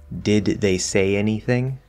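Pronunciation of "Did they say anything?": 'Did they say anything?' is clearly enunciated.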